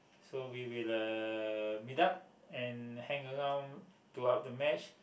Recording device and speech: boundary microphone, conversation in the same room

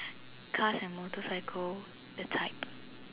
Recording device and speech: telephone, conversation in separate rooms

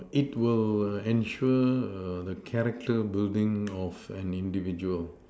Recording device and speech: standing microphone, conversation in separate rooms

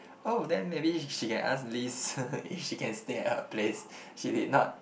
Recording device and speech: boundary microphone, conversation in the same room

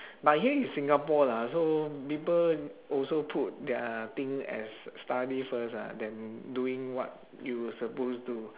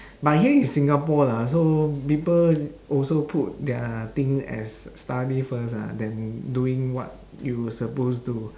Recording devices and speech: telephone, standing microphone, conversation in separate rooms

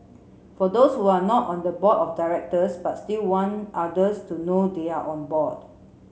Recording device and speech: mobile phone (Samsung C7), read sentence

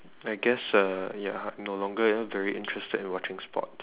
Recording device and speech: telephone, conversation in separate rooms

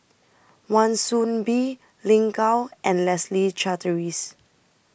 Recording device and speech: boundary microphone (BM630), read sentence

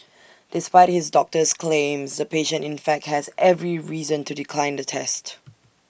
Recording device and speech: boundary microphone (BM630), read sentence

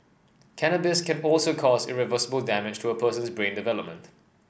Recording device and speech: boundary microphone (BM630), read sentence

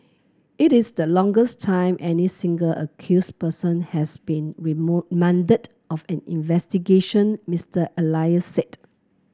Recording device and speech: close-talking microphone (WH30), read sentence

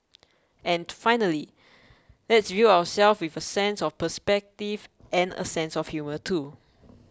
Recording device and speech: close-talking microphone (WH20), read sentence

